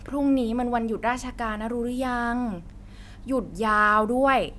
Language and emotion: Thai, frustrated